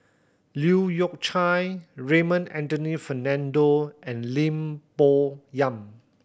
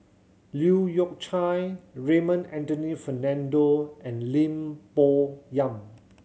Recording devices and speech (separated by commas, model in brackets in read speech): boundary microphone (BM630), mobile phone (Samsung C7100), read sentence